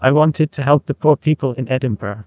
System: TTS, neural waveform model